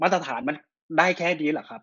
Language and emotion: Thai, frustrated